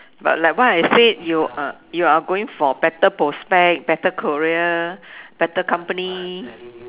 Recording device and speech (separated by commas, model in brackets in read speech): telephone, conversation in separate rooms